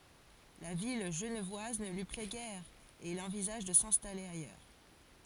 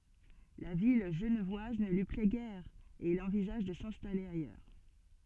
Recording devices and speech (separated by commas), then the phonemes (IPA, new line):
forehead accelerometer, soft in-ear microphone, read sentence
la vi ʒənvwaz nə lyi plɛ ɡɛʁ e il ɑ̃vizaʒ də sɛ̃stale ajœʁ